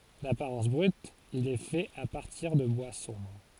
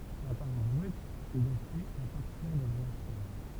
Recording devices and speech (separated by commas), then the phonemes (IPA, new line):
forehead accelerometer, temple vibration pickup, read sentence
dapaʁɑ̃s bʁyt il ɛ fɛt a paʁtiʁ də bwa sɔ̃bʁ